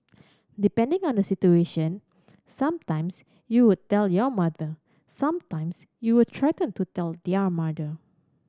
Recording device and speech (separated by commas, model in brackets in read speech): standing microphone (AKG C214), read sentence